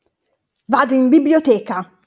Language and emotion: Italian, angry